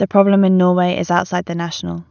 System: none